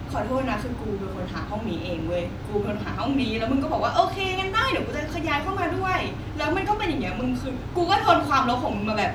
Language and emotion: Thai, frustrated